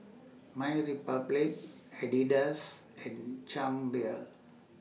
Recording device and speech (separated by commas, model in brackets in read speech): mobile phone (iPhone 6), read sentence